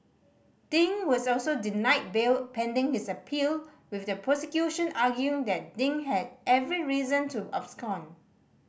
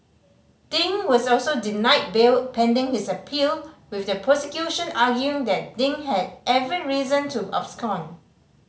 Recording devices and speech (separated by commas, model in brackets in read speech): boundary microphone (BM630), mobile phone (Samsung C5010), read sentence